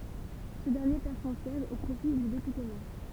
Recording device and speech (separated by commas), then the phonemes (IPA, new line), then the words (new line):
temple vibration pickup, read sentence
sə dɛʁnje pɛʁ sɔ̃ sjɛʒ o pʁofi dy depyte mɛʁ
Ce dernier perd son siège au profit du député maire.